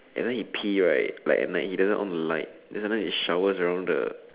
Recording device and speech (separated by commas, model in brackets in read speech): telephone, conversation in separate rooms